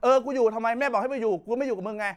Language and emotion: Thai, angry